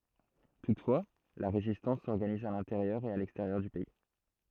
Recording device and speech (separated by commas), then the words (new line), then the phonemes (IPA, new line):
throat microphone, read sentence
Toutefois, la résistance s'organise à l’intérieur et à l’extérieur du pays.
tutfwa la ʁezistɑ̃s sɔʁɡaniz a lɛ̃teʁjœʁ e a lɛksteʁjœʁ dy pɛi